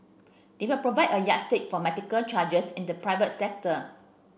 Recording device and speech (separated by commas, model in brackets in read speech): boundary microphone (BM630), read sentence